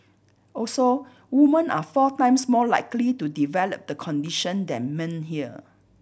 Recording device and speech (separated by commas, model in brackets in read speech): boundary microphone (BM630), read sentence